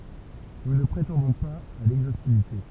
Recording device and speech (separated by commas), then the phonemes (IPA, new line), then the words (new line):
temple vibration pickup, read sentence
nu nə pʁetɑ̃dɔ̃ paz a lɛɡzostivite
Nous ne prétendons pas à l'exhaustivité.